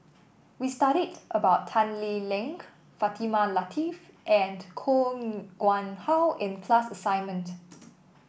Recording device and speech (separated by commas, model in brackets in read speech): boundary microphone (BM630), read sentence